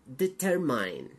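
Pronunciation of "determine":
'Determine' is pronounced incorrectly here.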